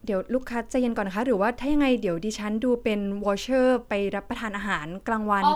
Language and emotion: Thai, neutral